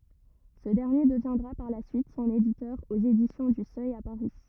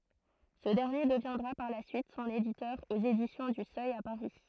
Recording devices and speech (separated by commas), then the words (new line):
rigid in-ear microphone, throat microphone, read sentence
Ce dernier deviendra par la suite son éditeur aux Éditions du Seuil à Paris.